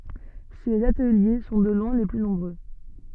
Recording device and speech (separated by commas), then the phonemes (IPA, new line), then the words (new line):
soft in-ear microphone, read sentence
sez atəlje sɔ̃ də lwɛ̃ le ply nɔ̃bʁø
Ces ateliers sont de loin les plus nombreux.